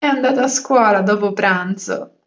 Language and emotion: Italian, happy